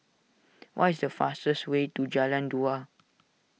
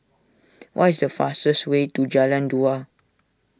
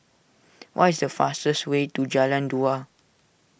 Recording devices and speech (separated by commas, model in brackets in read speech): mobile phone (iPhone 6), standing microphone (AKG C214), boundary microphone (BM630), read sentence